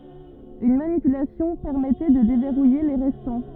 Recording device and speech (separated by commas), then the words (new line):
rigid in-ear microphone, read sentence
Une manipulation permettait de déverrouiller les restants.